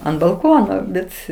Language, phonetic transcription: Lithuanian, ant balˈkono ˈbet

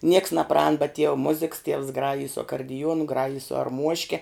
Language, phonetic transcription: Lithuanian, nieks naˈpraān bet tiev ˈmuziks tievs ˈgrajij su akardiˈjuonu ˈgrajij su arˈmuoške

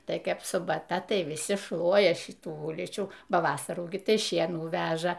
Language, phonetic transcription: Lithuanian, ˈtai ˈkaip subaˈta ˈtai viˈsi ˈšluoja ˈšitų ˈulyčių ˈba ˈvasarų gi ˈtai ˈšienų ˈveža

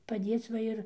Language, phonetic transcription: Lithuanian, paˈdėc ˈva ir

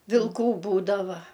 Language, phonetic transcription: Lithuanian, vilˈkų ˈbūdava

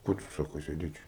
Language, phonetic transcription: Lithuanian, ˈko tu ˈsako sėˈdėt ˈčia

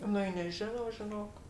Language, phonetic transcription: Lithuanian, ˈnu i neˈžinau žiˈnok

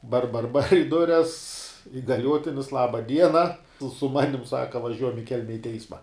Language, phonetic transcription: Lithuanian, bar bar bar i ˈdures igaˈliuotinis ˈlaba ˈdiena su ˈmanim ˈsaka vaˈžiuojam i ˈkelme i ˈteisma

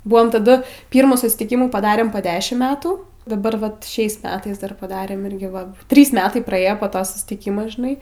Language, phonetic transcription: Lithuanian, ˈbuam taˈdu ˈpyrmų susitiˈkimų paˈdarėm po ˈdešim ˈmetų daˈbar ˈvat ˈšiais ˈmetais ˈdar paˈdarėm ˈirgi va ˈtrys ˈmetai praˈėjo po ˈto sustiˈkymo žiˈnai

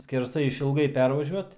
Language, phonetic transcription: Lithuanian, skerˈsai išilˈgai ˈpervažiuot

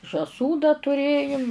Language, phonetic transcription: Lithuanian, žąˈsų dar tuˈrėjum

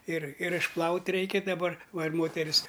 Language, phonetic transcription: Lithuanian, ir ir išˈplaut' ˈreikia daˈbar ˈva ir ˈmoteris

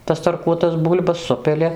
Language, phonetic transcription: Lithuanian, tas tarˈkuotas ˈbūl'bas ˈsupili

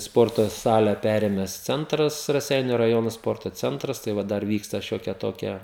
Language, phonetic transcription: Lithuanian, ˈsporto ˈsale ˈperėmes ˈcentras raˈseiniu raˈjono ˈsporto ˈcentras tai ˈva ˈdar ˈvyksta ˈšiokie ˈtokie

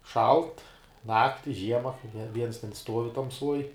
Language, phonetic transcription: Lithuanian, ˈšalt ˈnakti ˈžiema ne ˈviens ten ˈstuovi tamˈsuoj

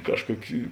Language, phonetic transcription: Lithuanian, ˈkažˌkuoki

